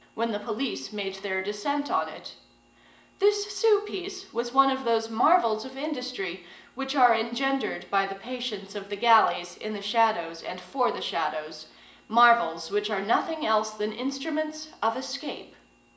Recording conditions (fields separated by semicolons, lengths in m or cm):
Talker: one person; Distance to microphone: 1.8 m; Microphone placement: close; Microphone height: 1.0 m; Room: large; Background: none